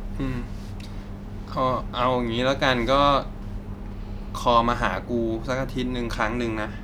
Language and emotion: Thai, frustrated